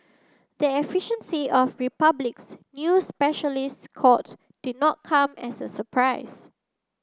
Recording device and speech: standing microphone (AKG C214), read sentence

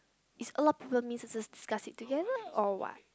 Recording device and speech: close-talking microphone, conversation in the same room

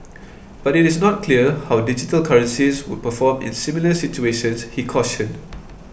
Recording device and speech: boundary microphone (BM630), read sentence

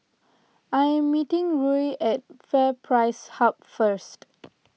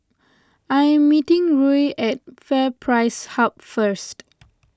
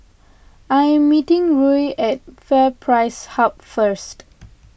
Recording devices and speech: mobile phone (iPhone 6), close-talking microphone (WH20), boundary microphone (BM630), read sentence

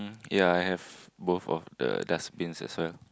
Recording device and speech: close-talking microphone, conversation in the same room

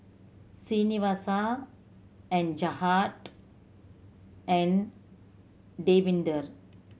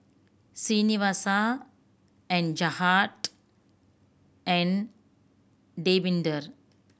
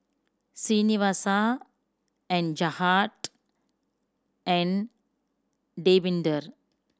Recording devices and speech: mobile phone (Samsung C7100), boundary microphone (BM630), standing microphone (AKG C214), read sentence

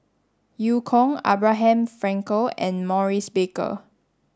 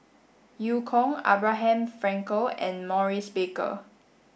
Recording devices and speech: standing microphone (AKG C214), boundary microphone (BM630), read sentence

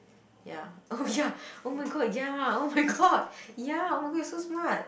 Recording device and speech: boundary microphone, conversation in the same room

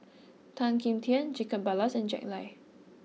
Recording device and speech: mobile phone (iPhone 6), read sentence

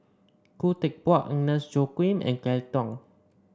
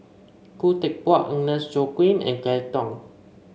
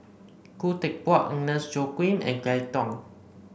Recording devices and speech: standing microphone (AKG C214), mobile phone (Samsung C5), boundary microphone (BM630), read sentence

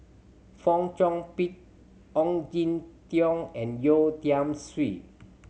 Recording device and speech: mobile phone (Samsung C7100), read sentence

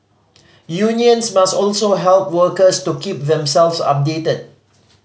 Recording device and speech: mobile phone (Samsung C5010), read sentence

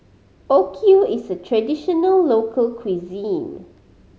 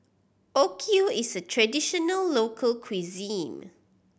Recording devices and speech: mobile phone (Samsung C5010), boundary microphone (BM630), read sentence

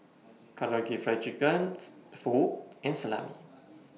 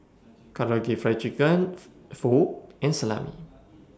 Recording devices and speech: mobile phone (iPhone 6), standing microphone (AKG C214), read sentence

